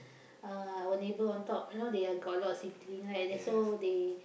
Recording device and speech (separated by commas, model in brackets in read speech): boundary microphone, conversation in the same room